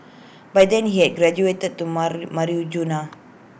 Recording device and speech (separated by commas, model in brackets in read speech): boundary microphone (BM630), read sentence